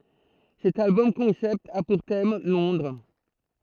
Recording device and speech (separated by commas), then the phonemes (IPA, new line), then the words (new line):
throat microphone, read sentence
sɛt albɔm kɔ̃sɛpt a puʁ tɛm lɔ̃dʁ
Cet album-concept a pour thème Londres.